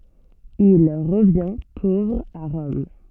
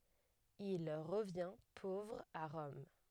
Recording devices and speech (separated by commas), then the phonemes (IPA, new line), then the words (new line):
soft in-ear microphone, headset microphone, read sentence
il ʁəvjɛ̃ povʁ a ʁɔm
Il revient pauvre à Rome.